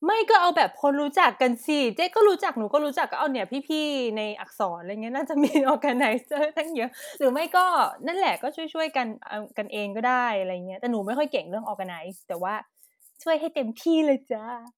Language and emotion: Thai, happy